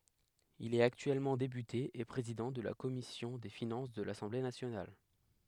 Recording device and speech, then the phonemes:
headset microphone, read sentence
il ɛt aktyɛlmɑ̃ depyte e pʁezidɑ̃ də la kɔmisjɔ̃ de finɑ̃s də lasɑ̃ble nasjonal

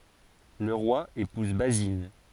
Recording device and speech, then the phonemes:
forehead accelerometer, read sentence
lə ʁwa epuz bazin

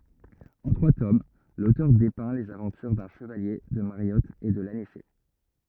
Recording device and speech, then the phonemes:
rigid in-ear microphone, read sentence
ɑ̃ tʁwa tom lotœʁ depɛ̃ lez avɑ̃tyʁ dœ̃ ʃəvalje də maʁjɔt e də lanisɛ

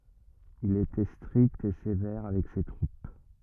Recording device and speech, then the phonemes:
rigid in-ear microphone, read sentence
il etɛ stʁikt e sevɛʁ avɛk se tʁup

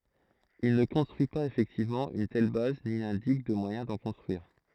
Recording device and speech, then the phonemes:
throat microphone, read sentence
il nə kɔ̃stʁyi paz efɛktivmɑ̃ yn tɛl baz ni nɛ̃dik də mwajɛ̃ dɑ̃ kɔ̃stʁyiʁ

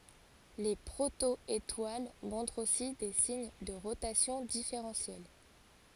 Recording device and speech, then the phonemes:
forehead accelerometer, read sentence
le pʁotɔetwal mɔ̃tʁt osi de siɲ də ʁotasjɔ̃ difeʁɑ̃sjɛl

